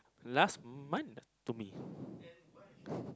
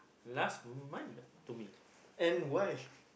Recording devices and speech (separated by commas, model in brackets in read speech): close-talking microphone, boundary microphone, conversation in the same room